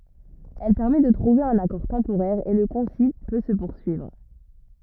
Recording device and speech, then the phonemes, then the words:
rigid in-ear microphone, read sentence
ɛl pɛʁmɛ də tʁuve œ̃n akɔʁ tɑ̃poʁɛʁ e lə kɔ̃sil pø sə puʁsyivʁ
Elle permet de trouver un accord temporaire et le concile peut se poursuivre.

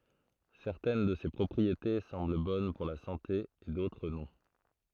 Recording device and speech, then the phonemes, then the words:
throat microphone, read sentence
sɛʁtɛn də se pʁɔpʁiete sɑ̃bl bɔn puʁ la sɑ̃te e dotʁ nɔ̃
Certaines de ces propriétés semblent bonnes pour la santé, et d'autres non.

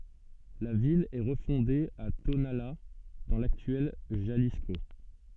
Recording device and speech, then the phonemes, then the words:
soft in-ear microphone, read sentence
la vil ɛ ʁəfɔ̃de a tonala dɑ̃ laktyɛl ʒalisko
La ville est refondée à Tonalá dans l'actuel Jalisco.

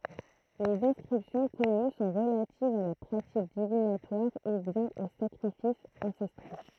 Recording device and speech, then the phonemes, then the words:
throat microphone, read sentence
lez ɛ̃skʁipsjɔ̃ kɔny sɔ̃ ʁəlativz a la pʁatik divinatwaʁ u bjɛ̃n o sakʁifisz ɑ̃sɛstʁo
Les inscriptions connues sont relatives à la pratique divinatoire ou bien aux sacrifices ancestraux.

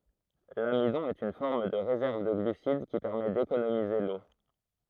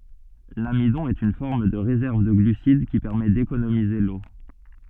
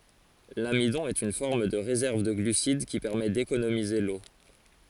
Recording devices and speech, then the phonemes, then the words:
throat microphone, soft in-ear microphone, forehead accelerometer, read sentence
lamidɔ̃ ɛt yn fɔʁm də ʁezɛʁv də ɡlysid ki pɛʁmɛ dekonomize lo
L'amidon est une forme de réserve de glucides qui permet d'économiser l'eau.

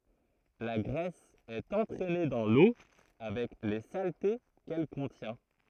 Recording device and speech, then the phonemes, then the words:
throat microphone, read sentence
la ɡʁɛs ɛt ɑ̃tʁɛne dɑ̃ lo avɛk le salte kɛl kɔ̃tjɛ̃
La graisse est entraînée dans l'eau avec les saletés qu'elle contient.

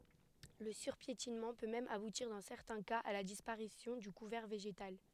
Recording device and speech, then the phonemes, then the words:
headset microphone, read sentence
lə syʁpjetinmɑ̃ pø mɛm abutiʁ dɑ̃ sɛʁtɛ̃ kaz a la dispaʁisjɔ̃ dy kuvɛʁ veʒetal
Le surpiétinement peut même aboutir dans certains cas à la disparition du couvert végétal.

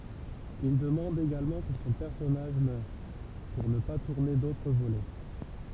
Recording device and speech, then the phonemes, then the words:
temple vibration pickup, read sentence
il dəmɑ̃d eɡalmɑ̃ kə sɔ̃ pɛʁsɔnaʒ mœʁ puʁ nə pa tuʁne dotʁ volɛ
Il demande également que son personnage meure, pour ne pas tourner d'autres volets.

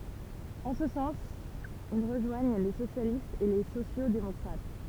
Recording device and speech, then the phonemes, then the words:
temple vibration pickup, read sentence
ɑ̃ sə sɑ̃s il ʁəʒwaɲ le sosjalistz e le sosjoksdemɔkʁat
En ce sens, ils rejoignent les socialistes et les sociaux-démocrates.

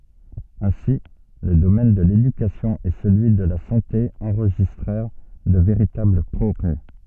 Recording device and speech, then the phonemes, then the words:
soft in-ear microphone, read sentence
ɛ̃si lə domɛn də ledykasjɔ̃ e səlyi də la sɑ̃te ɑ̃ʁʒistʁɛʁ də veʁitabl pʁɔɡʁɛ
Ainsi, le domaine de l’éducation et celui de la santé enregistrèrent de véritables progrès.

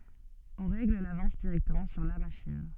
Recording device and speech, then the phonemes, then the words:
soft in-ear microphone, read sentence
ɔ̃ ʁɛɡl lavɑ̃s diʁɛktəmɑ̃ syʁ la maʃin
On règle l'avance directement sur la machine.

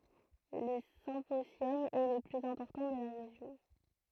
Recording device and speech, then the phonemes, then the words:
throat microphone, read sentence
lə sɛ̃pozjɔm ɛ lə plyz ɛ̃pɔʁtɑ̃ də la ʁeʒjɔ̃
Le symposium est le plus important de la région.

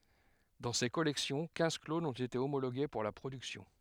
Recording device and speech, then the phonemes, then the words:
headset microphone, read sentence
dɑ̃ se kɔlɛksjɔ̃ kɛ̃z klonz ɔ̃t ete omoloɡe puʁ la pʁodyksjɔ̃
Dans ces collections, quinze clones ont été homologués pour la production.

